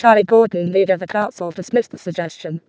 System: VC, vocoder